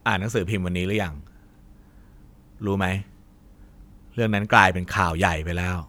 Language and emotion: Thai, neutral